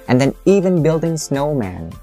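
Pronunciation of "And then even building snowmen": The intonation drops on 'building snowmen', which is the last item in a list.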